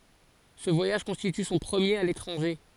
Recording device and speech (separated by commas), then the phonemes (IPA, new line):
forehead accelerometer, read sentence
sə vwajaʒ kɔ̃stity sɔ̃ pʁəmjeʁ a letʁɑ̃ʒe